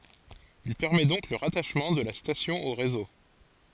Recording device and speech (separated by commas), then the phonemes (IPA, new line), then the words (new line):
forehead accelerometer, read sentence
il pɛʁmɛ dɔ̃k lə ʁataʃmɑ̃ də la stasjɔ̃ o ʁezo
Il permet donc le rattachement de la station au réseau.